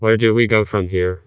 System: TTS, vocoder